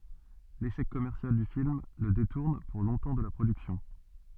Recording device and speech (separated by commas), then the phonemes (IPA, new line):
soft in-ear microphone, read sentence
leʃɛk kɔmɛʁsjal dy film lə detuʁn puʁ lɔ̃tɑ̃ də la pʁodyksjɔ̃